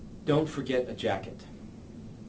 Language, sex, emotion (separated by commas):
English, male, neutral